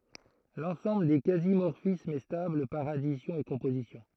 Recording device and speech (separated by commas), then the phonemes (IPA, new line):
throat microphone, read sentence
lɑ̃sɑ̃bl de kazi mɔʁfismz ɛ stabl paʁ adisjɔ̃ e kɔ̃pozisjɔ̃